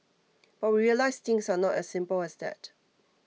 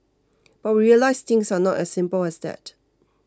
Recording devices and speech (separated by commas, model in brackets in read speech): mobile phone (iPhone 6), close-talking microphone (WH20), read sentence